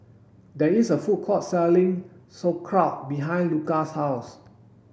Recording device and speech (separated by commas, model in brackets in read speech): boundary microphone (BM630), read sentence